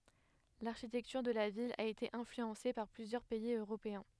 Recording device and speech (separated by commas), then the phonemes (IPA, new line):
headset microphone, read sentence
laʁʃitɛktyʁ də la vil a ete ɛ̃flyɑ̃se paʁ plyzjœʁ pɛiz øʁopeɛ̃